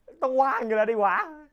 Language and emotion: Thai, happy